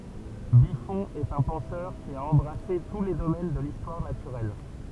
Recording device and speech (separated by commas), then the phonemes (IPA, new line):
temple vibration pickup, read sentence
byfɔ̃ ɛt œ̃ pɑ̃sœʁ ki a ɑ̃bʁase tu le domɛn də listwaʁ natyʁɛl